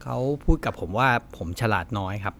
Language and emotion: Thai, frustrated